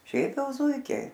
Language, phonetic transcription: Lithuanian, ˈšiaip ˈjau ˈzūikiai

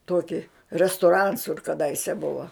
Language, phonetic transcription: Lithuanian, ˈtuoki restuˈrans kur kaˈdaise ˈbuva

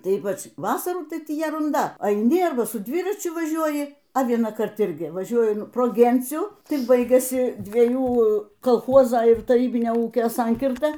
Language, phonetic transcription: Lithuanian, ˈtai ˈypač ˈvasarų ˈtai ˈtį jerunˈda aiˈni ˈarba su ˈdviračiu ˈvažiuoji a vienąˈkart ˈirgi vaˈžiuoju pro ˈgencių ˈtik ˈbaigiasi dvieˈjų kolˈchozo ir taˈrybinio ˈūkio ˈsankirta

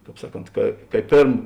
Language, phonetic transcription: Lithuanian, ˈkāp ˈsaˌkont ka ka i ˈpėrm

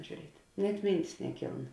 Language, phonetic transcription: Lithuanian, žiūˈriet' net ˈmyntis neˈkyln

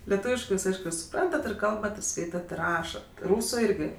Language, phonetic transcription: Lithuanian, leˈtūviškɜ ˈjūs ˈaišku suˈprantat ir ˈkalbat ir ˈskaitat ir ˈrašat ˈrūsu ˈirgi

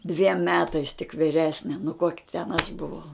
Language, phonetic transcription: Lithuanian, dviem ˈmetais tik viˈresne nu koki ten aš buˈvau

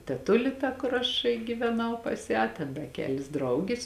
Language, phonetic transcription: Lithuanian, teˈtuli ta kur ˈaš gyveˈnau pas ˈją ten da ˈkelis ˈdraugis

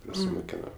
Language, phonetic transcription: Lithuanian, prasimuˈkeno

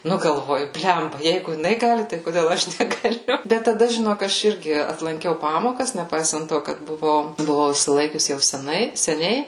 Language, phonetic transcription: Lithuanian, ˈnu galˈvoju ˈblemba ˈjeigu jiˈnai ˈgali tai koˈdėl ˈaš negaˈliu ˈbet taˈda žiˈnok ˈaš ˈirgi atlanˈkiau ˈpamokas neˈpaisant ˈto kad buˈvau buˈvau išsiˈlaikius jau seˈnai seˈniai

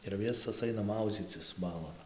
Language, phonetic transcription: Lithuanian, ir ˈvisos ˈaina ˈmaudzycis ˈbalon

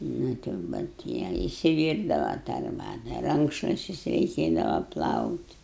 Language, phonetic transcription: Lithuanian, ˈnu tai jau bet ˈjie isiˈvyrdava tą arˈbata ˈrankšluščius reiˈkėdava ˈplaut'

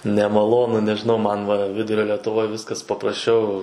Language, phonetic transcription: Lithuanian, nemaˈlonu nežiˈnau ˈman va ˈvidurio letuˈvoj ˈviskas paprasˈčiau

